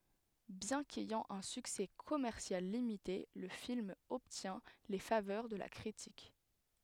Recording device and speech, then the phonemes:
headset microphone, read sentence
bjɛ̃ kɛjɑ̃ œ̃ syksɛ kɔmɛʁsjal limite lə film ɔbtjɛ̃ le favœʁ də la kʁitik

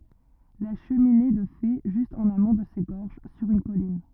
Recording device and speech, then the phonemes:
rigid in-ear microphone, read sentence
la ʃəmine də fe ʒyst ɑ̃n amɔ̃ də se ɡɔʁʒ syʁ yn kɔlin

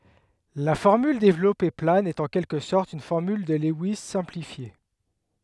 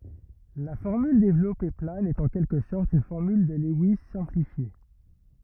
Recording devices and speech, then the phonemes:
headset microphone, rigid in-ear microphone, read sentence
la fɔʁmyl devlɔpe plan ɛt ɑ̃ kɛlkə sɔʁt yn fɔʁmyl də lɛwis sɛ̃plifje

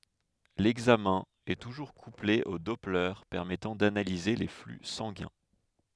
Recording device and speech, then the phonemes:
headset microphone, read sentence
lɛɡzamɛ̃ ɛ tuʒuʁ kuple o dɔplɛʁ pɛʁmɛtɑ̃ danalize le fly sɑ̃ɡɛ̃

